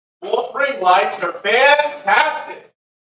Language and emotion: English, neutral